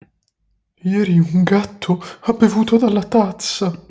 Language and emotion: Italian, fearful